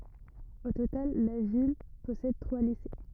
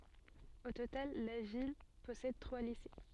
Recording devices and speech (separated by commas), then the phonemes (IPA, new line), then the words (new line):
rigid in-ear microphone, soft in-ear microphone, read sentence
o total la vil pɔsɛd tʁwa lise
Au total, la ville possède trois lycées.